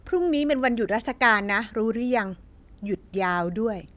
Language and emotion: Thai, neutral